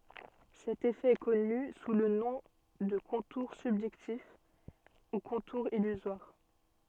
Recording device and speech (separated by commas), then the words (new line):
soft in-ear microphone, read sentence
Cet effet est connu sous le nom de contour subjectif ou contour illusoire.